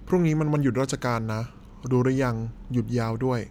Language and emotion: Thai, neutral